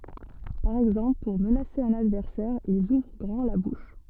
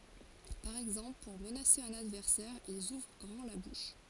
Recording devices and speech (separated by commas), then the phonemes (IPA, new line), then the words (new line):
soft in-ear microphone, forehead accelerometer, read sentence
paʁ ɛɡzɑ̃pl puʁ mənase œ̃n advɛʁsɛʁ ilz uvʁ ɡʁɑ̃ la buʃ
Par exemple pour menacer un adversaire, ils ouvrent grand la bouche.